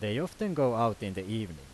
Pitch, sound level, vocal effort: 110 Hz, 90 dB SPL, loud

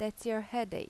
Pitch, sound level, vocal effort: 230 Hz, 85 dB SPL, normal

